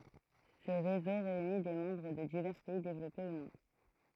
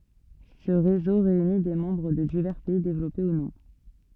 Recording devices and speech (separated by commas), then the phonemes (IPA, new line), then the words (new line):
throat microphone, soft in-ear microphone, read sentence
sə ʁezo ʁeyni de mɑ̃bʁ də divɛʁ pɛi devlɔpe u nɔ̃
Ce réseau réunit des membres de divers pays développés ou non.